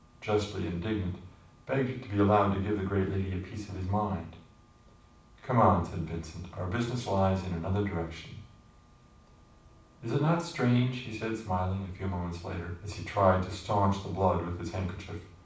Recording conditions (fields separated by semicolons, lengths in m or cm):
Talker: one person; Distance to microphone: 5.8 m; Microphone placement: far; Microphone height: 1.8 m; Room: medium-sized (5.7 m by 4.0 m); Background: none